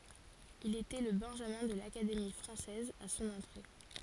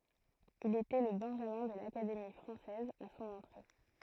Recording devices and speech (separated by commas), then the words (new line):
forehead accelerometer, throat microphone, read sentence
Il était le benjamin de l'Académie française à son entrée.